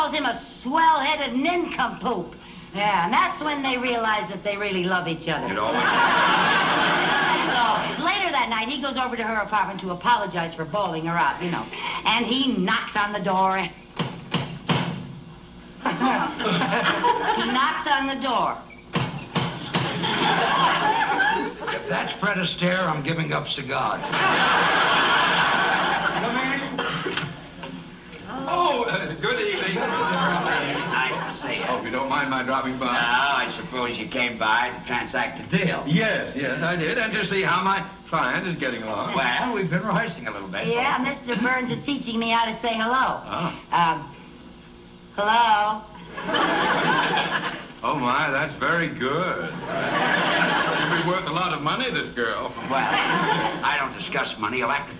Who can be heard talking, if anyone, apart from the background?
No one.